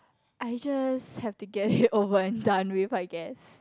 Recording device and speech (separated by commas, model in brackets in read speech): close-talking microphone, conversation in the same room